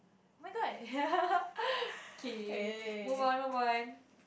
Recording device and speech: boundary microphone, conversation in the same room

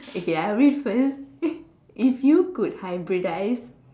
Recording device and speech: standing microphone, conversation in separate rooms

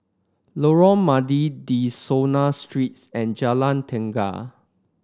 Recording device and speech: standing microphone (AKG C214), read sentence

